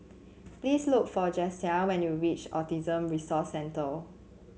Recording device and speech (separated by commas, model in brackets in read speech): mobile phone (Samsung C7), read sentence